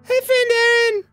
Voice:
Falsetto